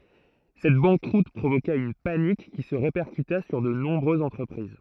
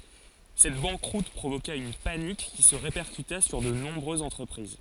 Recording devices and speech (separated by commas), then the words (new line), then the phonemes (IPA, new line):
throat microphone, forehead accelerometer, read sentence
Cette banqueroute provoqua une panique qui se répercuta sur de nombreuses entreprises.
sɛt bɑ̃kʁut pʁovoka yn panik ki sə ʁepɛʁkyta syʁ də nɔ̃bʁøzz ɑ̃tʁəpʁiz